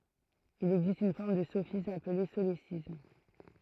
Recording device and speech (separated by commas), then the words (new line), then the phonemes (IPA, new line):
throat microphone, read sentence
Il existe une forme de sophisme appelée solécisme.
il ɛɡzist yn fɔʁm də sofism aple solesism